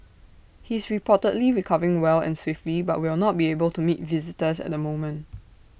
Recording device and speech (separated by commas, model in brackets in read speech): boundary microphone (BM630), read sentence